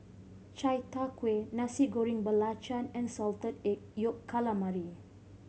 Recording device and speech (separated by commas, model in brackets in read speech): mobile phone (Samsung C5010), read sentence